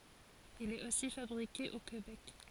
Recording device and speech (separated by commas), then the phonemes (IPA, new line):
forehead accelerometer, read sentence
il ɛt osi fabʁike o kebɛk